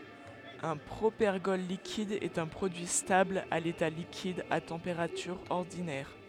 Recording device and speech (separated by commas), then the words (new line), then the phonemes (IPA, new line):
headset microphone, read sentence
Un propergol liquide est un produit stable à l'état liquide à température ordinaire.
œ̃ pʁopɛʁɡɔl likid ɛt œ̃ pʁodyi stabl a leta likid a tɑ̃peʁatyʁ ɔʁdinɛʁ